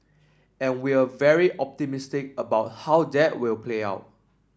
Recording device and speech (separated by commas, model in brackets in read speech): standing microphone (AKG C214), read sentence